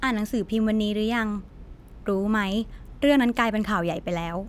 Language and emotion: Thai, neutral